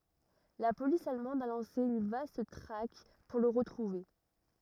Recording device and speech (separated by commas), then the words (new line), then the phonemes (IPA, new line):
rigid in-ear microphone, read sentence
La police allemande a lancé une vaste traque pour le retrouver.
la polis almɑ̃d a lɑ̃se yn vast tʁak puʁ lə ʁətʁuve